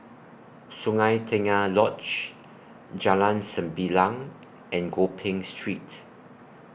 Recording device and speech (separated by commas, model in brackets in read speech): boundary microphone (BM630), read sentence